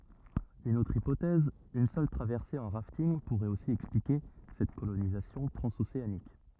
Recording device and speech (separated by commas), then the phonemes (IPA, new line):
rigid in-ear microphone, read sentence
yn otʁ ipotɛz yn sœl tʁavɛʁse ɑ̃ ʁaftinɡ puʁɛt osi ɛksplike sɛt kolonizasjɔ̃ tʁɑ̃zoseanik